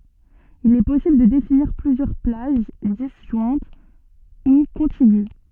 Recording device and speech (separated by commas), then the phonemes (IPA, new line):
soft in-ear microphone, read sentence
il ɛ pɔsibl də definiʁ plyzjœʁ plaʒ dizʒwɛ̃t u kɔ̃tiɡy